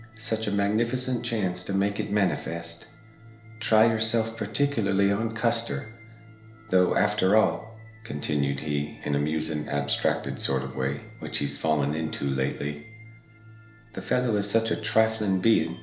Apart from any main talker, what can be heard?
Music.